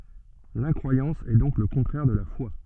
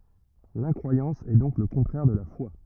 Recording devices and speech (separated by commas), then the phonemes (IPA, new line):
soft in-ear microphone, rigid in-ear microphone, read sentence
lɛ̃kʁwajɑ̃s ɛ dɔ̃k lə kɔ̃tʁɛʁ də la fwa